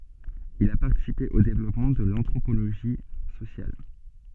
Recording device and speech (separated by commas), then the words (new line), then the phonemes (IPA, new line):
soft in-ear microphone, read sentence
Il a participé au développement de l'anthropologie sociale.
il a paʁtisipe o devlɔpmɑ̃ də l ɑ̃tʁopoloʒi sosjal